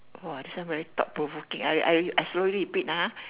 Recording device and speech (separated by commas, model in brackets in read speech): telephone, conversation in separate rooms